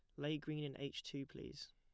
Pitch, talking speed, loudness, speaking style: 145 Hz, 235 wpm, -47 LUFS, plain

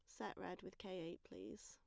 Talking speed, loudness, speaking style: 245 wpm, -52 LUFS, plain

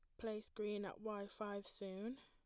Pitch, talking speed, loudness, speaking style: 210 Hz, 180 wpm, -48 LUFS, plain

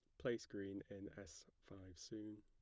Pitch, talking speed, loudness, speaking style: 100 Hz, 160 wpm, -51 LUFS, plain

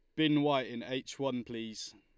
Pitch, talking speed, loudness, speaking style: 130 Hz, 205 wpm, -34 LUFS, Lombard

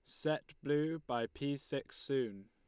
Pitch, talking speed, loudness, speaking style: 140 Hz, 160 wpm, -38 LUFS, Lombard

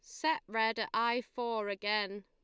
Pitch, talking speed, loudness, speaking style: 225 Hz, 175 wpm, -34 LUFS, Lombard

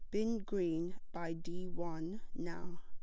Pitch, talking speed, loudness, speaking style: 175 Hz, 135 wpm, -41 LUFS, plain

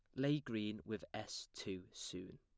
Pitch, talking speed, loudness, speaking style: 105 Hz, 165 wpm, -44 LUFS, plain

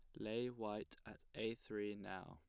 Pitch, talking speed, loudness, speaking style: 105 Hz, 175 wpm, -47 LUFS, plain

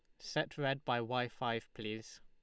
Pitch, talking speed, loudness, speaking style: 120 Hz, 175 wpm, -39 LUFS, Lombard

